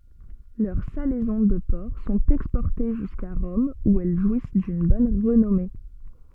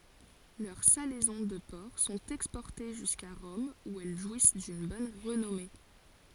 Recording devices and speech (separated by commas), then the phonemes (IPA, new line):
soft in-ear microphone, forehead accelerometer, read sentence
lœʁ salɛzɔ̃ də pɔʁk sɔ̃t ɛkspɔʁte ʒyska ʁɔm u ɛl ʒwis dyn bɔn ʁənɔme